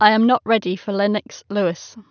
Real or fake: real